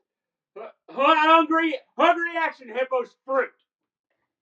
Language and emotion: English, fearful